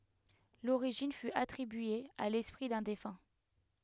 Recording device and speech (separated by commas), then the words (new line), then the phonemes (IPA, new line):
headset microphone, read sentence
L'origine fut attribuée à l'esprit d'un défunt.
loʁiʒin fy atʁibye a lɛspʁi dœ̃ defœ̃